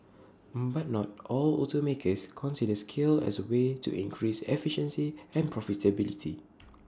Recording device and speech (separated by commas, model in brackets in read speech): standing microphone (AKG C214), read sentence